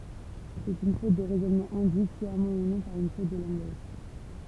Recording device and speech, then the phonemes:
temple vibration pickup, read sentence
sɛt yn fot də ʁɛzɔnmɑ̃ ɛ̃dyit sjamɑ̃ u nɔ̃ paʁ yn fot də lɑ̃ɡaʒ

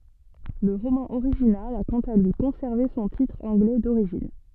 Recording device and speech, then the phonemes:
soft in-ear microphone, read sentence
lə ʁomɑ̃ oʁiʒinal a kɑ̃t a lyi kɔ̃sɛʁve sɔ̃ titʁ ɑ̃ɡlɛ doʁiʒin

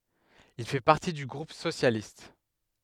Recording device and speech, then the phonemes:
headset microphone, read sentence
il fɛ paʁti dy ɡʁup sosjalist

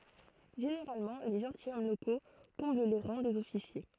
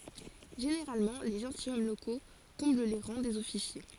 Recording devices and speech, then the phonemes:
throat microphone, forehead accelerometer, read sentence
ʒeneʁalmɑ̃ le ʒɑ̃tilʃɔm loko kɔ̃bl le ʁɑ̃ dez ɔfisje

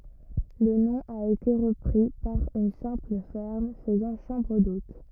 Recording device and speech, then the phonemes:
rigid in-ear microphone, read sentence
lə nɔ̃ a ete ʁəpʁi paʁ yn sɛ̃pl fɛʁm fəzɑ̃ ʃɑ̃bʁ dot

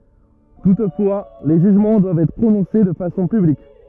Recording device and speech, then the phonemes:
rigid in-ear microphone, read sentence
tutfwa le ʒyʒmɑ̃ dwavt ɛtʁ pʁonɔ̃se də fasɔ̃ pyblik

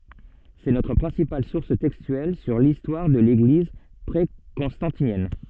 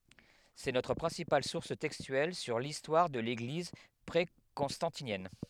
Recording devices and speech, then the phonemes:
soft in-ear microphone, headset microphone, read sentence
sɛ notʁ pʁɛ̃sipal suʁs tɛkstyɛl syʁ listwaʁ də leɡliz pʁekɔ̃stɑ̃tinjɛn

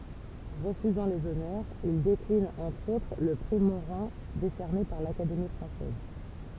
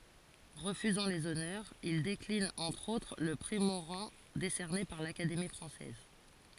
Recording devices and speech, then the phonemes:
temple vibration pickup, forehead accelerometer, read sentence
ʁəfyzɑ̃ lez ɔnœʁz il deklin ɑ̃tʁ otʁ lə pʁi moʁɑ̃ desɛʁne paʁ lakademi fʁɑ̃sɛz

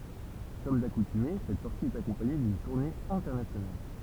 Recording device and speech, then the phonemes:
temple vibration pickup, read sentence
kɔm dakutyme sɛt sɔʁti ɛt akɔ̃paɲe dyn tuʁne ɛ̃tɛʁnasjonal

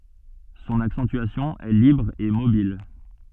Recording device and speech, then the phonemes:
soft in-ear microphone, read sentence
sɔ̃n aksɑ̃tyasjɔ̃ ɛ libʁ e mobil

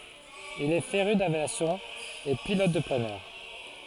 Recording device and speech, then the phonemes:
forehead accelerometer, read sentence
il ɛ feʁy davjasjɔ̃ e pilɔt də planœʁ

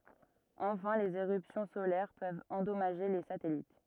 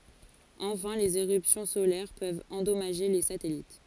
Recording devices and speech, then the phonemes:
rigid in-ear microphone, forehead accelerometer, read sentence
ɑ̃fɛ̃ lez eʁypsjɔ̃ solɛʁ pøvt ɑ̃dɔmaʒe le satɛlit

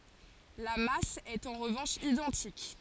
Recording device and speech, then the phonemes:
forehead accelerometer, read sentence
la mas ɛt ɑ̃ ʁəvɑ̃ʃ idɑ̃tik

